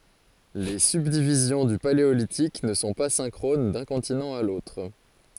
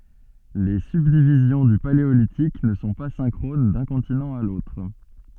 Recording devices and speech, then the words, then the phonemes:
forehead accelerometer, soft in-ear microphone, read sentence
Les subdivisions du Paléolithique ne sont pas synchrones d'un continent à l'autre.
le sybdivizjɔ̃ dy paleolitik nə sɔ̃ pa sɛ̃kʁon dœ̃ kɔ̃tinɑ̃ a lotʁ

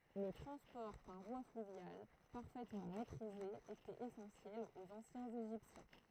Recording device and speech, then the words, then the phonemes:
throat microphone, read sentence
Le transport par voie fluviale, parfaitement maîtrisé, était essentiel aux anciens Égyptiens.
lə tʁɑ̃spɔʁ paʁ vwa flyvjal paʁfɛtmɑ̃ mɛtʁize etɛt esɑ̃sjɛl oz ɑ̃sjɛ̃z eʒiptjɛ̃

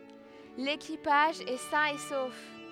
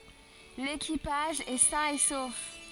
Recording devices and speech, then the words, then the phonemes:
headset microphone, forehead accelerometer, read sentence
L'équipage est sain et sauf.
lekipaʒ ɛ sɛ̃ e sof

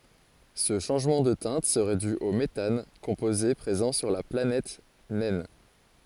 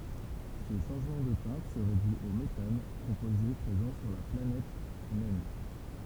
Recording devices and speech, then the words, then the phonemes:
forehead accelerometer, temple vibration pickup, read sentence
Ce changement de teinte serait dû au méthane, composé présent sur la planète naine.
sə ʃɑ̃ʒmɑ̃ də tɛ̃t səʁɛ dy o metan kɔ̃poze pʁezɑ̃ syʁ la planɛt nɛn

